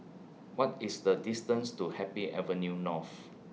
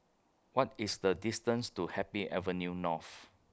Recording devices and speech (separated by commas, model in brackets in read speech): mobile phone (iPhone 6), close-talking microphone (WH20), read sentence